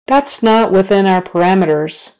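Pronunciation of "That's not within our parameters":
'That's not within our parameters' is said slowly, not at natural speed.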